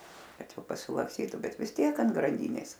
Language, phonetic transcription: Lithuanian, ˈkad ˈjau pasilaksˈtytu ˈbet vis ˈtiek ant granˈdynės

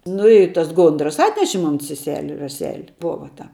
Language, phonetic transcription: Lithuanian, ˈnu i tas ˈgondras ˈatneši ˈmon seˈseli raˈseli ˈbova ta

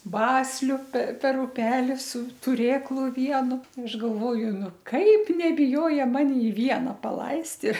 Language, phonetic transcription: Lithuanian, ˈbasliu per per uˈpeli su tuˈrėklu ˈvienu aš galˈvoju ˈnu ˈkaip nebiˈjoja ˈmani ˈviena paˈlaist i

